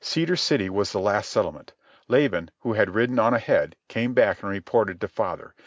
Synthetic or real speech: real